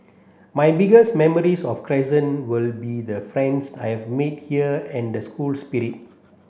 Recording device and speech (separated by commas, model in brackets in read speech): boundary microphone (BM630), read sentence